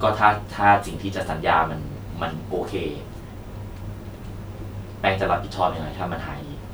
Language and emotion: Thai, frustrated